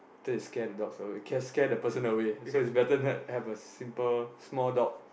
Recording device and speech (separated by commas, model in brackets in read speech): boundary microphone, conversation in the same room